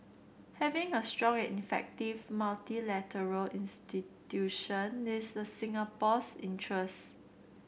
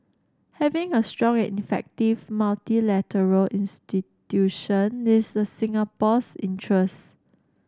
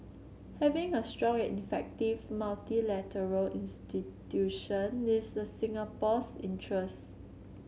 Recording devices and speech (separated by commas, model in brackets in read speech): boundary microphone (BM630), standing microphone (AKG C214), mobile phone (Samsung C7), read sentence